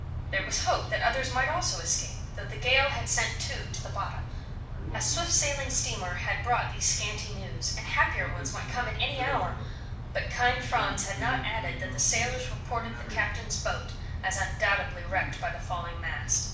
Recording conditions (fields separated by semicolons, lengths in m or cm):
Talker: one person; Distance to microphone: 5.8 m; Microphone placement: far; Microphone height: 1.8 m; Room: medium-sized (5.7 m by 4.0 m); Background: television